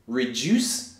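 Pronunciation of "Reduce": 'Reduce' is said in British English here: the u sounds like 'you', with a y sound before the oo.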